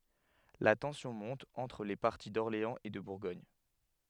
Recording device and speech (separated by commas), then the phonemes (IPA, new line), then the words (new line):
headset microphone, read sentence
la tɑ̃sjɔ̃ mɔ̃t ɑ̃tʁ le paʁti dɔʁleɑ̃z e də buʁɡɔɲ
La tension monte entre les partis d'Orléans et de Bourgogne.